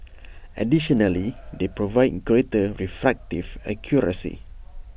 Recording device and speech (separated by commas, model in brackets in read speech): boundary microphone (BM630), read sentence